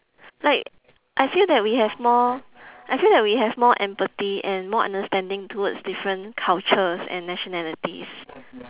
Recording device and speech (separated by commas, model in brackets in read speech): telephone, conversation in separate rooms